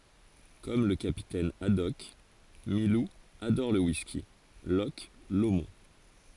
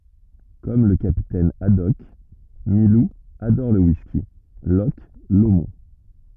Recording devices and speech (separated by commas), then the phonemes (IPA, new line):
forehead accelerometer, rigid in-ear microphone, read sentence
kɔm lə kapitɛn adɔk milu adɔʁ lə wiski lɔʃ lomɔ̃